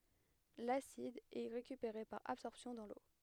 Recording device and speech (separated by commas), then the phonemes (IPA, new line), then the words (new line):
headset microphone, read sentence
lasid ɛ ʁekypeʁe paʁ absɔʁpsjɔ̃ dɑ̃ lo
L'acide est récupéré par absorption dans l'eau.